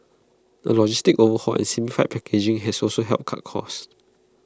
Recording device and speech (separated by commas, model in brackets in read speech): close-talking microphone (WH20), read sentence